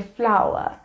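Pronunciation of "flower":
'Flour' is pronounced correctly here.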